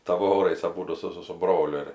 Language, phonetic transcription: Lithuanian, ˈtavorais aˈbūdu ˈsu ˈsu su ˈbroliu ir

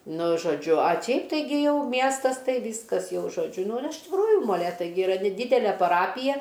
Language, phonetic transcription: Lithuanian, ˈnu žoˈdžiu a ˈčiaip taiˈgi ˈjau ˈmiestas ˈtai ˈvyskas ˈjau žoˈdžiu nu ir iš tikˈrųju moˈlėtai gi iˈra neˈdydele paˈrapija

